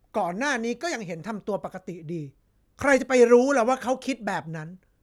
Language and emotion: Thai, angry